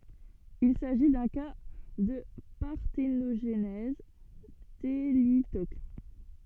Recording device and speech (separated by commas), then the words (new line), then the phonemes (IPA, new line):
soft in-ear microphone, read sentence
Il s'agit d'un cas de parthénogenèse thélytoque.
il saʒi dœ̃ ka də paʁtenoʒnɛz telitok